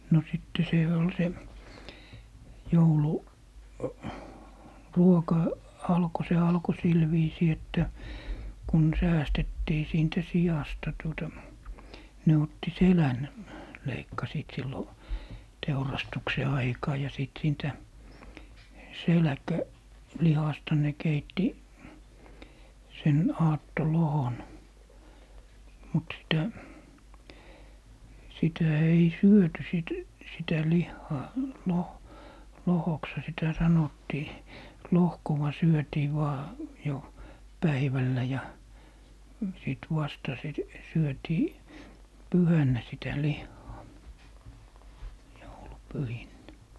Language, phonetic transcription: Finnish, no 'sitte 'sè ol 'se , "joulu- , -"ruoka , 'alko se 'alko 'sil viisii että , 'kun "säästettii siintä 'sijasta tuota , 'ne otti "selän , 'leikkasiit 'sillo , "teurastukse 'aikaa ja 'sìt 'siintä , "selᵃ̈kä- , -'lihasta ne 'keitti , sen 'aatto"lohon , mut sitä , 'sitä 'ei "syöty sìt , 'sitä "lihhaa , 'loh- , 'lohoksha sitä "sanottii , "lohkowa 'syötii 'vaa , jo , 'päivällä ja , sìt 'vasta sit , 'syötii , "pyhännä sitä "lihhaa , 'joulu'pyhinnä .
- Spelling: no sitten se oli se - jouluruoka alkoi se alkoi sillä viisiin että kun säästettiin siitä siasta tuota ne otti selän leikkasivat silloin teurastuksen aikaan ja sitten siitä - selkälihasta ne keitti sen aattolohkon mutta sitä sitä ei syöty sitten sitä lihaa - lohkoksihan sitä sanottiin lohkoa syötiin vain jo päivällä ja sitten vasta sitten syötiin pyhänä sitä lihaa joulupyhinä

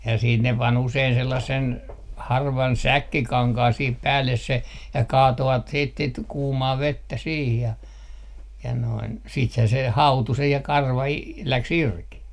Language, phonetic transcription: Finnish, ja siit ne pan 'usein 'sellassen , 'harvan "säkkikaŋkaan sih 'päälles se , ja 'kaatovat siit sit 'kuumaa "vettä 'siih ja , ja noin , 'siithää se "hautu 'se ja 'karva i- , 'läks "irki .
- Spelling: ja sitten ne pani usein sellaisen harvan säkkikankaan siihen päälle se ja kaatoivat sitten sitten kuumaa vettä siihen ja ja noin siitähän se hautui se ja karva - lähti irti

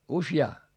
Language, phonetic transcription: Finnish, usjaa ?
- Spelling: useaan

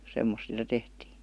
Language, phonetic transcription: Finnish, 'semmos sⁱtä 'tehtii .
- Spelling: semmoista sitä tehtiin

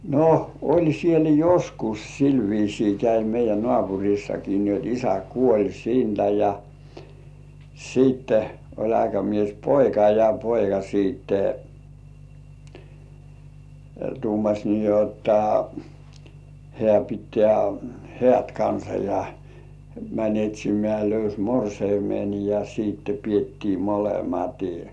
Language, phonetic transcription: Finnish, no , 'ol siel "joskus sil viisii 'käi meij̆jä "nŏàpuŕissaki nii jot 'isä "kuoĺ 'siintä ja , 'siitte oĺ aikamies"poika ja "poika siitte , 'tuumaś nii jotta , 'hĕä̀ pittĕä̀ "hĕä̀t kansa ja , mäń 'et́̀śimĕä̀ löys "morseimen ja siitte piettii "molematɪ .
- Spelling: no oli siellä joskus sillä viisiin kävi meidän naapurissakin niin jotta isä kuoli siitä ja sitten oli aikamiespoika ja poika sitten tuumasi niin jotta hän pitää häät kanssa ja meni etsimään löysi morsiamen ja sitten pidettiin molemmat

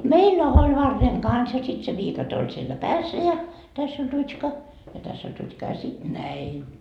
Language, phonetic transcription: Finnish, "meillä oĺ 'varreŋ "kans ja sit se 'viikate oĺ siellä "päässä ja , 'täss ‿oĺ 'rut́ška ja 'täss ‿oĺ rut́ška ja sit "näin .
- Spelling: meillä oli varren kanssa ja sitten se viikate oli siellä päässä ja tässä oli rutska ja tässä oli rutska ja sitten näin

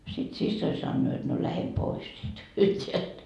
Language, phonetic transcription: Finnish, sit 'sissoi sannoo jot no 'lähe pois sit , sielt .
- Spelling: sitten siskoni sanoo jotta no lähde pois sitten sieltä

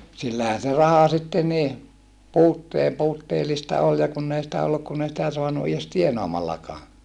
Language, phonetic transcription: Finnish, sillähän̬ se raha sitte nii , puuttee- , puutteelista ol ja kunn ‿ei sⁱtä olluk kun ‿ei sitä soanu ies tienaamallakaa .
- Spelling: sillähän se raha sitten niin - puutteellista oli ja kun ei sitä ollut kun ei sitä saanut edes tienaamallakaan

